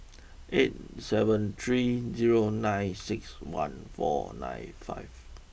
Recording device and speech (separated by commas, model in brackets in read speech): boundary microphone (BM630), read sentence